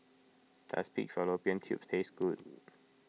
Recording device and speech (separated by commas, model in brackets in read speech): mobile phone (iPhone 6), read sentence